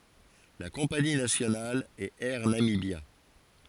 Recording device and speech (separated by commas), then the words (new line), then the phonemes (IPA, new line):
forehead accelerometer, read sentence
La compagnie nationale est Air Namibia.
la kɔ̃pani nasjonal ɛt ɛʁ namibja